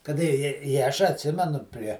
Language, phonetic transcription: Lithuanian, kaˈda i i i ˈaš atˈsimenu prie

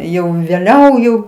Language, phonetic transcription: Lithuanian, ˈjau vėˈliau jau

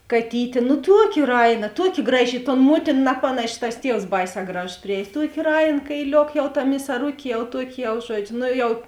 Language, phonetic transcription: Lithuanian, kaˈtytė nu ˈtuoˌki ˈraiˌna ˈtuoˌki ˈgraˌži i ton ˈmuotin ˈnapanaši tas ˈtievs ˈbaiˌsē ˈgražos priˈējs ˈtuokė ˈrain kaiˈliok jau ta misaˈrukė jau ˈtuoki jau ˈžuodžiu ˈno ˈjau

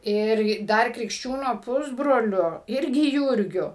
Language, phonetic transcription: Lithuanian, ˈir ˈdar krikšˈčiūno ˈpusbroliu ˈirgi ˈjūrgiu

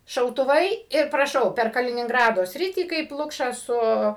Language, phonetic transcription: Lithuanian, šautuˈvai ir praˈšau per kalininˈgrado ˈsritį kaip ˈlukšą ˈsu

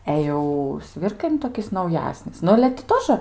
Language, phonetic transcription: Lithuanian, ˈe jau ˈsvirkai nu toˈkis nauˈjasnis ˈnu ale ti ˈtožə

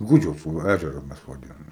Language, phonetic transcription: Lithuanian, ˈgudžiaus va ˈæžeru ˈmes vaˈdinom

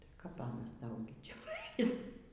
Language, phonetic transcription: Lithuanian, tai kap ˈanas ˈtau gi ˈčia ˈvais

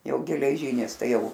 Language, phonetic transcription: Lithuanian, ˈjau geleˈžynis ˈtai ˈjau

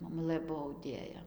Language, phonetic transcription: Lithuanian, moˈmulɘ ˈbuo auˈdėja

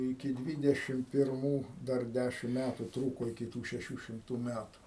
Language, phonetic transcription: Lithuanian, iki ˈdvydešim pirˈmų ˈdar ˈdæšim ˈmætu ˈtrūko iki ˈtų šeˈšių šimˈtų ˈmætu

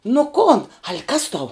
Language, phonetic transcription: Lithuanian, nu ˈkon al' kas tau

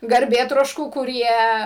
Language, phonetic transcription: Lithuanian, garˈbėtroškų kuˈrie

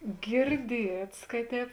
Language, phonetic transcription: Lithuanian, girˈdiets ka ˈtēp

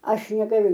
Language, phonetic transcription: Lithuanian, ˈaš negaˈliu

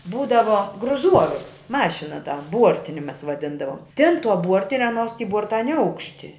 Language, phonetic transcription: Lithuanian, ˈbūdavo gruˈzuoviks ˈmašina ta ˈbuortini ˈmes vaˈdindavom tėn tuo ˈbuortine ˈaˌnuos ty ˈbuorta neˈaukšti

